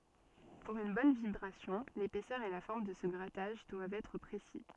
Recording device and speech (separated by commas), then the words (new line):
soft in-ear microphone, read sentence
Pour une bonne vibration, l’épaisseur et la forme de ce grattage doivent être précis.